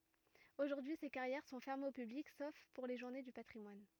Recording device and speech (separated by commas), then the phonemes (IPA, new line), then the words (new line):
rigid in-ear microphone, read sentence
oʒuʁdyi se kaʁjɛʁ sɔ̃ fɛʁmez o pyblik sof puʁ le ʒuʁne dy patʁimwan
Aujourd'hui, ces carrières sont fermées au public sauf pour les journées du patrimoine.